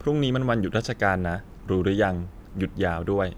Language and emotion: Thai, neutral